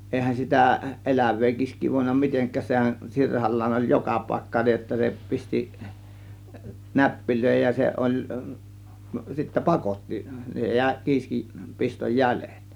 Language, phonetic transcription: Finnish, èihän 'sitä , "eläv̆vee kiisk̆kii vòėnna "miteŋk̆kääs sehän "sirhal̀laan oĺ "joka pàėkka niij jotta se 'pisti , "näppilö̀ėhej ja 'se ˀoĺ , sittä "pakotti , jä̀ė 'kiiskiˀ , 'pistoj "jälÈt .
- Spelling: eihän sitä elävää kiiskeä voinut mitenkään sehän sirhallaan oli joka paikka niin jotta se pisti näppeihin ja se oli sitten pakotti jäi kiisken piston jäljet

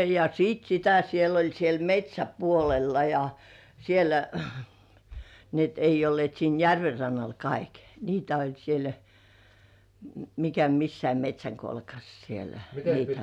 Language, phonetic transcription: Finnish, ja 'siit 'sitä 'siel ‿oĺ siel "met́śäpuolella ja , sielä , ni ‿et ei ollĭ§èt siin 'järver 'rannal "kaik , 'niitä , oĺ siel , 'mikä 'missäi "met́śäŋkolkas sielä , niitä .
- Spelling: ja sitten sitä siellä oli siellä metsäpuolella ja siellä niin että ei olleet siinä järven rannalla kaikki niitä oli siellä mikä missäkin metsänkolkassa siellä niitä

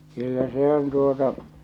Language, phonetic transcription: Finnish, 'kyllä 'se ‿on 'tuota .
- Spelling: kyllä se on tuota

